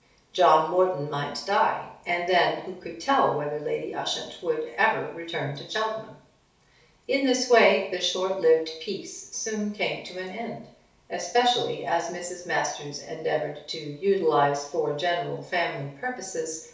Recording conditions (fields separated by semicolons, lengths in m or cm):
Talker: one person; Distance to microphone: 3.0 m; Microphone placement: far; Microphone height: 1.8 m; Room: small (3.7 m by 2.7 m); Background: none